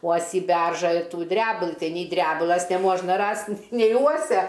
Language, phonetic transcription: Lithuanian, ˈuosį ˈberžą ir ˈtų ˈdrebulɨ ˈtai ny ˈdrebulas neˈmuožna ˈrast' nei ˈuosia

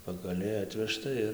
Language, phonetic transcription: Lithuanian, pagaˈliai ˈatvežta ir

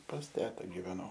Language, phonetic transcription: Lithuanian, pas ˈteta giveˈnau

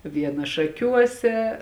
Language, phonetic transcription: Lithuanian, ˈviena šaˈkiuose

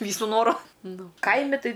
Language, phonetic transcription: Lithuanian, ˈvysu ˈnoru ˈnu ˈkaimi ˈtai

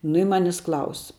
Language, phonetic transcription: Lithuanian, nu i ˈmanis ˈklaus

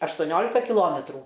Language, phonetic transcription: Lithuanian, aštoˈniolika kiˈlometrų

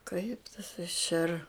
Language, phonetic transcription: Lithuanian, kaip tas iš er

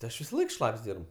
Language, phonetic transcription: Lithuanian, ti ˈaš visaˈlaik ˈšlap's' ˈdyrb

